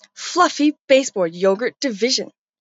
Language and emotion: English, disgusted